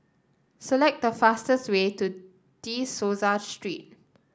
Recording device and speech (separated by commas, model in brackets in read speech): standing microphone (AKG C214), read sentence